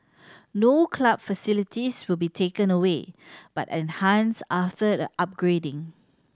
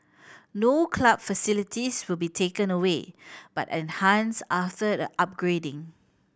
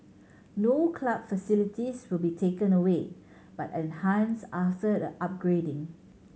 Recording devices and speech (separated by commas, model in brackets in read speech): standing microphone (AKG C214), boundary microphone (BM630), mobile phone (Samsung C7100), read sentence